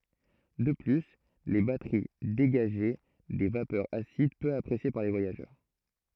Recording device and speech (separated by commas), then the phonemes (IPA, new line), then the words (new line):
throat microphone, read sentence
də ply le batəʁi deɡaʒɛ de vapœʁz asid pø apʁesje paʁ le vwajaʒœʁ
De plus, les batteries dégageaient des vapeurs acides peu appréciées par les voyageurs...